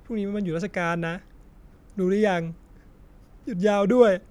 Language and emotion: Thai, sad